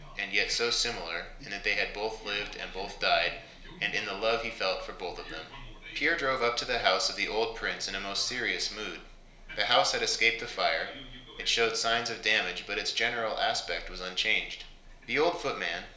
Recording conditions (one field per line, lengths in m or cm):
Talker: one person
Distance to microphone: 1.0 m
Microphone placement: close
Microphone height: 1.1 m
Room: small (3.7 m by 2.7 m)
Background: television